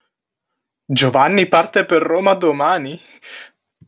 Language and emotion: Italian, surprised